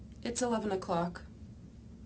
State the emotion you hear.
neutral